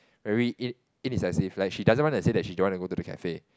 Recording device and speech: close-talking microphone, conversation in the same room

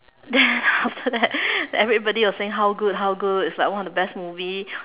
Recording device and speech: telephone, conversation in separate rooms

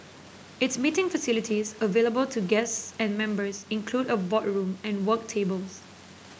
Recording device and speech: boundary microphone (BM630), read sentence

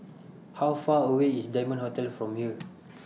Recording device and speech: mobile phone (iPhone 6), read sentence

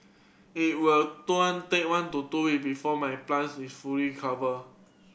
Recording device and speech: boundary microphone (BM630), read sentence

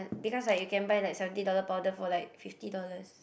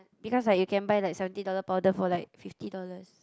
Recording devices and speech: boundary microphone, close-talking microphone, conversation in the same room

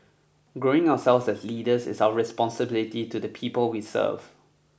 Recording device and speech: boundary microphone (BM630), read sentence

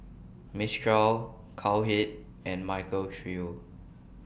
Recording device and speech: boundary microphone (BM630), read sentence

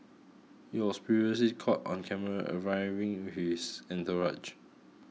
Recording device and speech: mobile phone (iPhone 6), read sentence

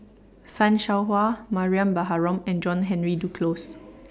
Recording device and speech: standing microphone (AKG C214), read sentence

